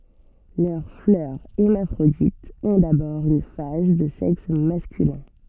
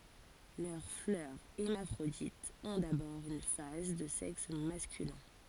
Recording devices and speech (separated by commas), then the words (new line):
soft in-ear microphone, forehead accelerometer, read sentence
Leurs fleurs hermaphrodites ont d'abord une phase de sexe masculin.